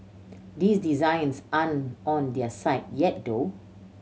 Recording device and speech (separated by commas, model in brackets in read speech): mobile phone (Samsung C7100), read sentence